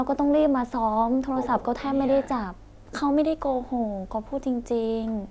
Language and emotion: Thai, sad